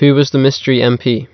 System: none